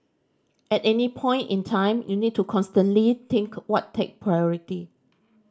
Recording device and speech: standing microphone (AKG C214), read sentence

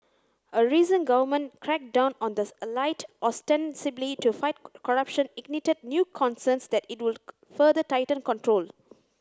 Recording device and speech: close-talking microphone (WH30), read sentence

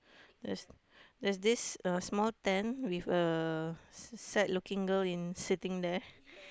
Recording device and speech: close-talking microphone, conversation in the same room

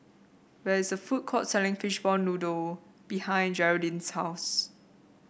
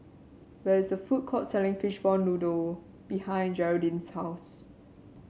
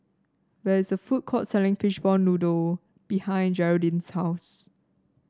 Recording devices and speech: boundary microphone (BM630), mobile phone (Samsung C7), standing microphone (AKG C214), read sentence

